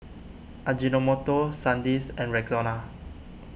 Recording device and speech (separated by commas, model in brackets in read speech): boundary microphone (BM630), read sentence